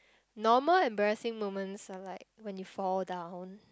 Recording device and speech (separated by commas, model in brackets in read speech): close-talking microphone, conversation in the same room